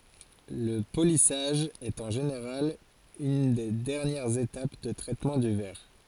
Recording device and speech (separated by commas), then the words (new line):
forehead accelerometer, read sentence
Le polissage est en général une des dernières étapes de traitement du verre.